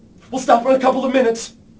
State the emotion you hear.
fearful